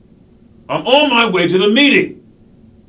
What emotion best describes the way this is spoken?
angry